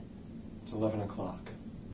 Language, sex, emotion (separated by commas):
English, male, neutral